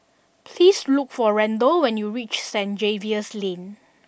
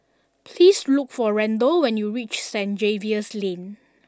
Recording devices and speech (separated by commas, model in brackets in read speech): boundary microphone (BM630), standing microphone (AKG C214), read sentence